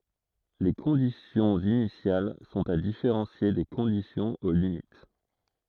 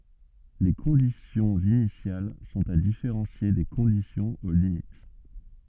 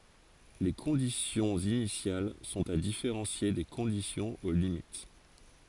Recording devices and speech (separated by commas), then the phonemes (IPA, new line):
throat microphone, soft in-ear microphone, forehead accelerometer, read sentence
le kɔ̃disjɔ̃z inisjal sɔ̃t a difeʁɑ̃sje de kɔ̃disjɔ̃z o limit